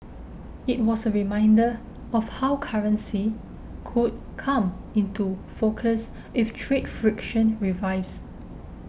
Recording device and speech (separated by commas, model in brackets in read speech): boundary microphone (BM630), read sentence